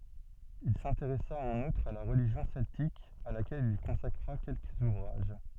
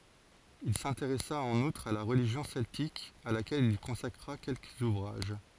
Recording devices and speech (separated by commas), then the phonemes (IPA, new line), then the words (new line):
soft in-ear microphone, forehead accelerometer, read sentence
il sɛ̃teʁɛsa ɑ̃n utʁ a la ʁəliʒjɔ̃ sɛltik a lakɛl il kɔ̃sakʁa kɛlkəz uvʁaʒ
Il s'intéressa en outre à la religion celtique à laquelle il consacra quelques ouvrages.